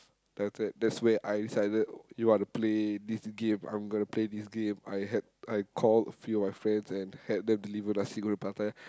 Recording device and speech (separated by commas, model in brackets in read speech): close-talking microphone, conversation in the same room